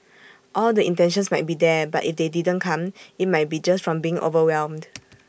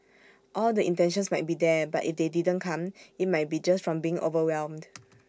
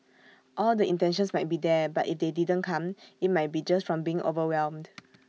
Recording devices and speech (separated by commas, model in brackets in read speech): boundary microphone (BM630), standing microphone (AKG C214), mobile phone (iPhone 6), read sentence